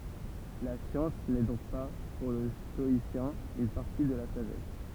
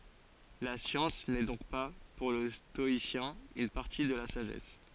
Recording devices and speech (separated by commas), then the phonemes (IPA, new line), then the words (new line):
temple vibration pickup, forehead accelerometer, read sentence
la sjɑ̃s nɛ dɔ̃k pa puʁ lə stɔisjɛ̃ yn paʁti də la saʒɛs
La science n'est donc pas, pour le stoïcien, une partie de la sagesse.